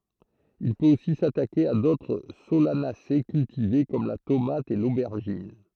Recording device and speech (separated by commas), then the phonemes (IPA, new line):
throat microphone, read sentence
il pøt osi satake a dotʁ solanase kyltive kɔm la tomat e lobɛʁʒin